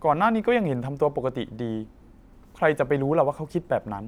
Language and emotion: Thai, neutral